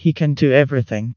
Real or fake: fake